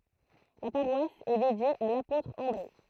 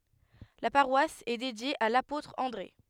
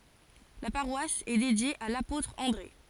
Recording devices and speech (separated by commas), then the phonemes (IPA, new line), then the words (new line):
throat microphone, headset microphone, forehead accelerometer, read sentence
la paʁwas ɛ dedje a lapotʁ ɑ̃dʁe
La paroisse est dédiée à l'apôtre André.